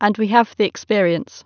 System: none